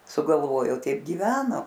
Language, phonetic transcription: Lithuanian, sugalˈvojo ˈteip giˈveno

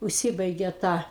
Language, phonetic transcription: Lithuanian, užˈsibaigė ta

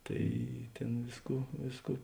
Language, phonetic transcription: Lithuanian, ˈtai ˈtėn ˈvėsˌkų ˈvėsˌkų

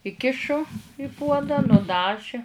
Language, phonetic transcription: Lithuanian, iˈkišu i puodą nuˈdaži

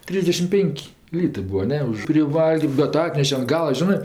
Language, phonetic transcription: Lithuanian, ˈtrysdešim ˈpėnk' ˈlytɜ ˈbua ˈne už priˈvalgrm bet ˈatneše an ˈgala ˈžinɜ

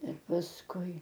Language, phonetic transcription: Lithuanian, ir pasˈkui

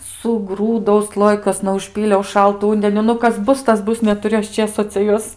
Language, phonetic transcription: Lithuanian, suˈgrūdau ˈslojikuosna užˈpyliau ˈšaltu ˈundeniu ˈnu ˈkas ˈbus ˈtas ˈbus netuˈriu ˈaš ˈčėso cia ˈjuos

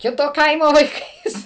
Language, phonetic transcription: Lithuanian, ˈkito ˈkaimo vaiˈkais

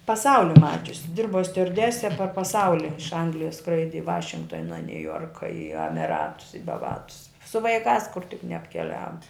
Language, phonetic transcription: Lithuanian, paˈsauli ˈmačiusi ˈdirbo stiuarˈdese par paˈsauli iš ˈanglijas ˈskraidi i ˈvašingtona niuˈjorka i amiˈratus i baˈvatus su vaiˈkās kur tik neapkeˈliavo

